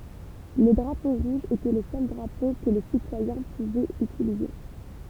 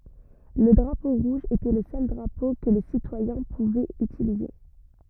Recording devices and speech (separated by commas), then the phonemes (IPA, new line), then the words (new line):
temple vibration pickup, rigid in-ear microphone, read sentence
lə dʁapo ʁuʒ etɛ lə sœl dʁapo kə le sitwajɛ̃ puvɛt ytilize
Le drapeau rouge était le seul drapeau que les citoyens pouvaient utiliser.